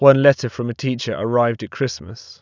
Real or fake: real